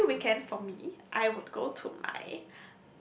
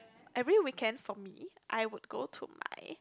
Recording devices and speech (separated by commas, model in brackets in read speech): boundary microphone, close-talking microphone, conversation in the same room